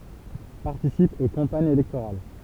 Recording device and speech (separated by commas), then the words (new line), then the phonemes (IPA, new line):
temple vibration pickup, read sentence
Participe aux campagnes électorales.
paʁtisip o kɑ̃paɲz elɛktoʁal